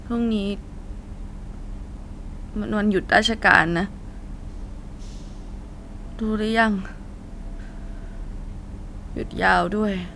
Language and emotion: Thai, sad